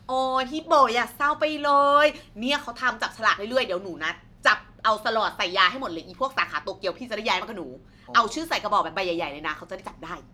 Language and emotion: Thai, happy